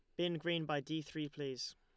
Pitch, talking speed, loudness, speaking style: 155 Hz, 230 wpm, -40 LUFS, Lombard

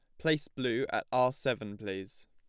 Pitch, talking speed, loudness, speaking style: 105 Hz, 175 wpm, -33 LUFS, plain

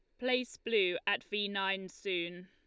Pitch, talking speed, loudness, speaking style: 205 Hz, 160 wpm, -34 LUFS, Lombard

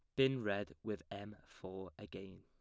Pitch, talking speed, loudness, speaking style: 100 Hz, 165 wpm, -42 LUFS, plain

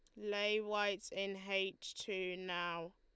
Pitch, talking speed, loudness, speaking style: 195 Hz, 130 wpm, -40 LUFS, Lombard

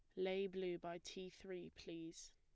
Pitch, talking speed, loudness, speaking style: 180 Hz, 170 wpm, -48 LUFS, plain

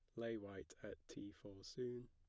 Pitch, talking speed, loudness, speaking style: 105 Hz, 190 wpm, -51 LUFS, plain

